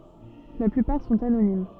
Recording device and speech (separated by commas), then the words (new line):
soft in-ear microphone, read sentence
La plupart sont anonymes.